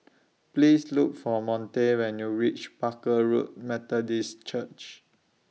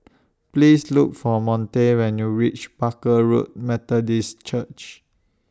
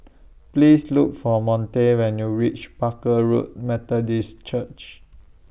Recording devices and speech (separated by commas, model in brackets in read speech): mobile phone (iPhone 6), standing microphone (AKG C214), boundary microphone (BM630), read sentence